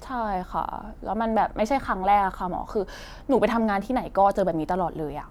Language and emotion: Thai, frustrated